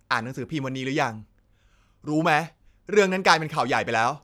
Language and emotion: Thai, frustrated